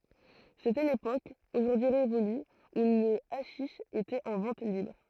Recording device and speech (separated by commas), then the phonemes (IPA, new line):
throat microphone, read sentence
setɛ lepok oʒuʁdyi ʁevoly u lə aʃiʃ etɛt ɑ̃ vɑ̃t libʁ